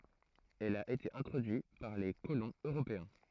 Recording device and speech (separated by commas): throat microphone, read sentence